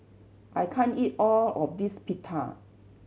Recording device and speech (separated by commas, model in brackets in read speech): mobile phone (Samsung C7100), read sentence